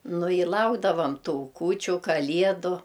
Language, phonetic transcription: Lithuanian, ˈnu i ˈlaukdavam ˈtų ˈkūčiu ˈkaliedu

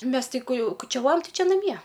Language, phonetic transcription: Lithuanian, ˈmes ti ku ˈjau kučiaˈvojam ˈtai ˈči naˈmie

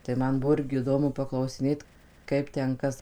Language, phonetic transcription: Lithuanian, tai ˈman ˈbuvo ˈirgi iˈdomu paklausiˈnėt ˈkaip ˈten ˈkas

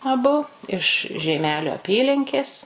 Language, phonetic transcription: Lithuanian, aˈbu iš žeiˈmelio aˈpylinkės

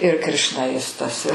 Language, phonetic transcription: Lithuanian, ir krišnaˈjistas i

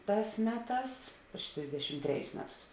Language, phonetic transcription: Lithuanian, ˈtās ˈmeˌtās priš ˈtrisdešim ˈtreˌjus ˈmeˌtus

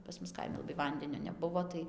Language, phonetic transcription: Lithuanian, pas ˈmus ˈkaimi laˈbai ˈvandenio neˈbuvo tai

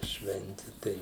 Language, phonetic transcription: Lithuanian, ˈšventi ˈtai

